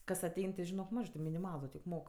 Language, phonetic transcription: Lithuanian, ˈkas aˈtein ti žiˈnok ˈmažɜ ti miniˈmalu tik ˈmok

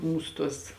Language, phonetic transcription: Lithuanian, ˈmūsu ˈtuos

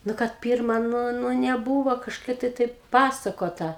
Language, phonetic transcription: Lithuanian, ˈnu kad ˈpyrma ˈnu ˈnu neˈbūvo kažˈkai tai taip ˈpasakota

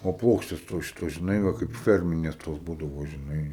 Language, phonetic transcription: Lithuanian, o ˈplokštės tos ˈšitos žiˈnai ˈva kaip ˈferminės tos ˈbūdavo žiˈnai

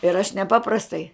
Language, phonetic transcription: Lithuanian, ir aš neˈpaprastai

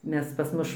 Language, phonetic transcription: Lithuanian, ˈmes pas ˈmuš

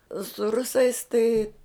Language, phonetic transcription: Lithuanian, su ˈrusais tai

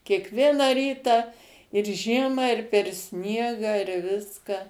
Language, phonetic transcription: Lithuanian, kiekˈvieną ˈrytą ir ˈžiemą ir per ˈsniegą ir ˈviska

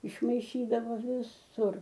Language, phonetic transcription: Lithuanian, išmaiˈšydavo viˈsur

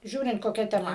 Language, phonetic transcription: Lithuanian, ˈžiūrint koˈkia teˈma

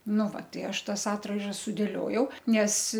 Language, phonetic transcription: Lithuanian, ˈnu va ˈtai ˈaš ˈtas ˈatraižas sudėˈliojau ˈnes

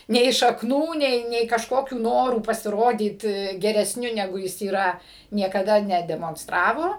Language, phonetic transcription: Lithuanian, nei šakˈnų ˈnei nei kažˈkokių ˈnorų pasiˈrodyt geresˈniu neˈgu ˈjis yˈra niekaˈda nedemonsˈtravo

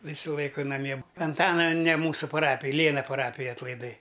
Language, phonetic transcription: Lithuanian, ˈvysu ˈlaiku naˈmie anˈtana ne ˈmūsu paˈrapij ˈlėna paˈrapij atlaiˈdai

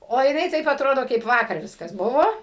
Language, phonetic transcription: Lithuanian, o jiˈnai taip aˈtrodo kaip ˈvakar ˈviskas ˈbuvo

